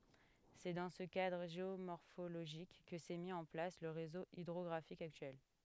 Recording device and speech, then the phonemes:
headset microphone, read sentence
sɛ dɑ̃ sə kadʁ ʒeomɔʁfoloʒik kə sɛ mi ɑ̃ plas lə ʁezo idʁɔɡʁafik aktyɛl

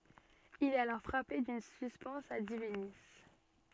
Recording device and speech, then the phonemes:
soft in-ear microphone, read sentence
il ɛt alɔʁ fʁape dyn syspɛns a divini

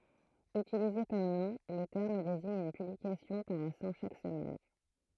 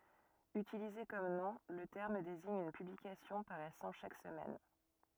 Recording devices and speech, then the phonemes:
throat microphone, rigid in-ear microphone, read sentence
ytilize kɔm nɔ̃ lə tɛʁm deziɲ yn pyblikasjɔ̃ paʁɛsɑ̃ ʃak səmɛn

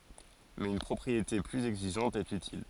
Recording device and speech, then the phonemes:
forehead accelerometer, read sentence
mɛz yn pʁɔpʁiete plyz ɛɡziʒɑ̃t ɛt ytil

